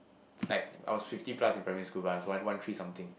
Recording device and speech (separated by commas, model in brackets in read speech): boundary microphone, conversation in the same room